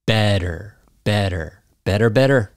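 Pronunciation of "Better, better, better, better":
In 'better', the t sounds like a d.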